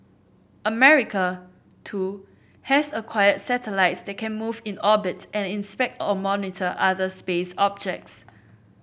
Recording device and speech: boundary microphone (BM630), read sentence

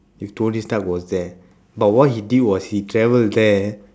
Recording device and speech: standing microphone, conversation in separate rooms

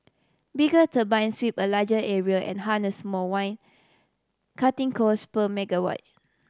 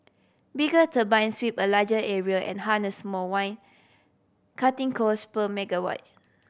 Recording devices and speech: standing microphone (AKG C214), boundary microphone (BM630), read sentence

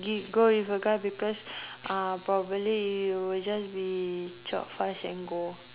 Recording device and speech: telephone, conversation in separate rooms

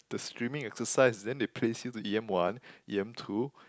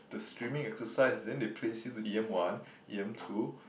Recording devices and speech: close-talking microphone, boundary microphone, conversation in the same room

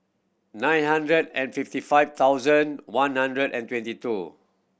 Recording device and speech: boundary microphone (BM630), read sentence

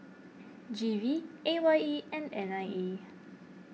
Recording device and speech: mobile phone (iPhone 6), read sentence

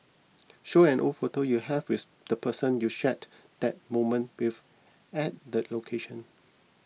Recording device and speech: mobile phone (iPhone 6), read sentence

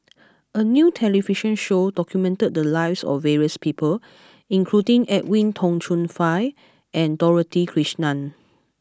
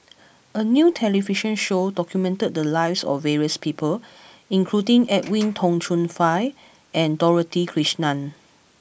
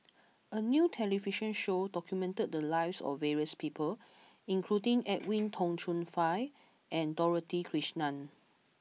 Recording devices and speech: close-talking microphone (WH20), boundary microphone (BM630), mobile phone (iPhone 6), read sentence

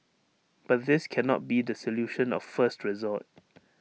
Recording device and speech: mobile phone (iPhone 6), read sentence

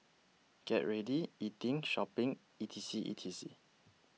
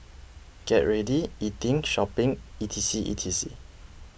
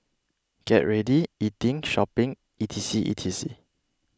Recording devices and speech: mobile phone (iPhone 6), boundary microphone (BM630), close-talking microphone (WH20), read sentence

